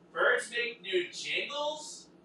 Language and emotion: English, disgusted